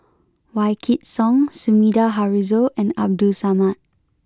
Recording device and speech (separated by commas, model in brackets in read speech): close-talking microphone (WH20), read sentence